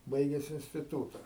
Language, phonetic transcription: Lithuanian, ˈbaiges instiˈtūta

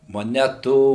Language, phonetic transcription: Lithuanian, moˈnetų

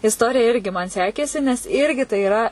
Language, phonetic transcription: Lithuanian, isˈtorija ˈirgi man ˈsekėsi nes ˈirgi tai iˈra

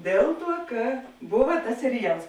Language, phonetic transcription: Lithuanian, ˈdėl ˌtuo ˈka ˈbuva tas seriˈjals

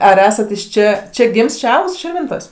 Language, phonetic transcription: Lithuanian, ar ˈesate iš ˈčia ˈčia ˈgims ˈčia ˈaugs širˈvintos'

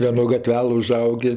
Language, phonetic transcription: Lithuanian, vieˈno gaˈtvelɘ uˈžaugė

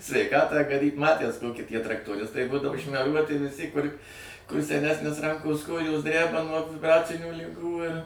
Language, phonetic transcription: Lithuanian, sveiˈkatą gaˈdyt ˈmatæs ˈtoky ˈtie traktoˈristai ˈbūdavo šmeˈruoti viˈsi kur seˈnesnis ˈrankos ˈkojos ˈdræba nuo vibˈracinių liˈgų ir

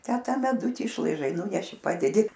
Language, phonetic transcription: Lithuanian, tę ˈta meˈduti išlaiˈžai ˈnūneši ˈpadedi

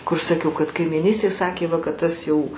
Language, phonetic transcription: Lithuanian, kur saˈkiau kad kaimyˈnystėj ˈsakė ˈva kad ˈtas jau

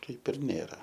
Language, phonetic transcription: Lithuanian, ˈkaip ir ˈnėra

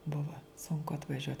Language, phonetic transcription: Lithuanian, ˈbuva sunˈku atvaˈžiuot

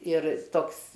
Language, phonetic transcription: Lithuanian, ir ˈtoks

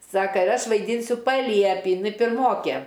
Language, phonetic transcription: Lithuanian, ˈsaka ir ˈaš vaiˈdynsiu paˈliepį jiˈnai pirˈmokė

